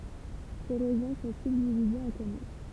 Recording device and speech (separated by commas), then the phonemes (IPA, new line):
temple vibration pickup, read sentence
se ʁeʒjɔ̃ sɔ̃ sybdivizez ɑ̃ kɔmyn